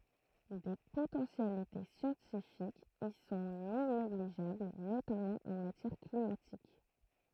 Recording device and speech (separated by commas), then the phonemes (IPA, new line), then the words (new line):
throat microphone, read sentence
de potɑ̃sjalite sjɑ̃tifikz i sɔ̃ nɔ̃ neɡliʒabl notamɑ̃ ɑ̃ matjɛʁ klimatik
Des potentialités scientifiques y sont non négligeables, notamment en matière climatique.